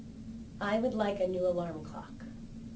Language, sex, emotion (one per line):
English
female
neutral